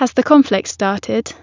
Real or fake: real